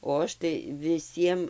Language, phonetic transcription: Lithuanian, o ˈaš tai viˈsiem

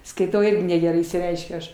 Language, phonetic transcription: Lithuanian, skaiˈtau ˈirgi negeˈrai išsiˈreiškiu ˈaš

